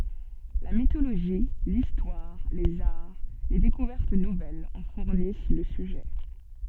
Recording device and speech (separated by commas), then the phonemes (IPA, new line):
soft in-ear microphone, read sentence
la mitoloʒi listwaʁ lez aʁ le dekuvɛʁt nuvɛlz ɑ̃ fuʁnis lə syʒɛ